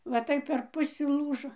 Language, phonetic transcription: Lithuanian, va ˈtaip per ˈpusi ˈlūžo

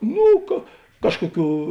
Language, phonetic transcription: Lithuanian, ˈnū ka ˈkažkoˌkių

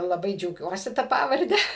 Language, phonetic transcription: Lithuanian, laˈbai džiauˈgiuosi ˈta ˈpavarde

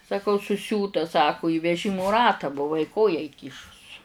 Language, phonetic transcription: Lithuanian, saˈkau suˈsiūta ˈsaku į veˈžimu ˈratą buˈvai ˈkoją įˈkyšus

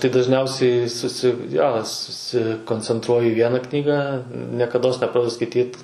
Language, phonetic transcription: Lithuanian, tai dažˈniausiai ˈsusi jo susikoncenˈtruoju į ˈviena ˈknygą niekaˈdos neˈpradedu skaiˈtyt

